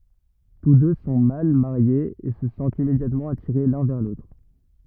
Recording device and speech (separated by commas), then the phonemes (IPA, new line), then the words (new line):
rigid in-ear microphone, read sentence
tus dø sɔ̃ mal maʁjez e sə sɑ̃tt immedjatmɑ̃ atiʁe lœ̃ vɛʁ lotʁ
Tous deux sont mal mariés et se sentent immédiatement attirés l’un vers l’autre.